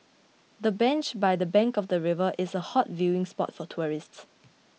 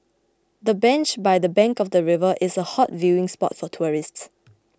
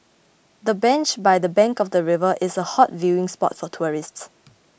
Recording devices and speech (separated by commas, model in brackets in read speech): mobile phone (iPhone 6), close-talking microphone (WH20), boundary microphone (BM630), read sentence